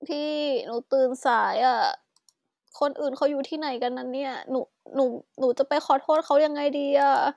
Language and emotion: Thai, sad